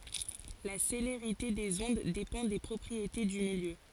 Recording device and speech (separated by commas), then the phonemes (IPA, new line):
forehead accelerometer, read sentence
la seleʁite dez ɔ̃d depɑ̃ de pʁɔpʁiete dy miljø